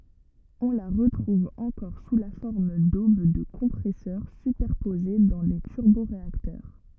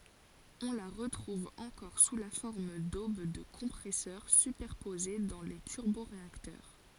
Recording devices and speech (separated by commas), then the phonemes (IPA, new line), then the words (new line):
rigid in-ear microphone, forehead accelerometer, read sentence
ɔ̃ la ʁətʁuv ɑ̃kɔʁ su la fɔʁm dob də kɔ̃pʁɛsœʁ sypɛʁpoze dɑ̃ le tyʁboʁeaktœʁ
On la retrouve encore sous la forme d’aubes de compresseurs superposées dans les turboréacteurs.